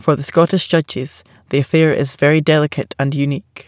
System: none